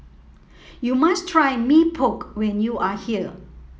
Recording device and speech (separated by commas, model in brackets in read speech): mobile phone (iPhone 7), read sentence